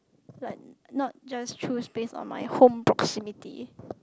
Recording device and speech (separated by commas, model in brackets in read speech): close-talking microphone, conversation in the same room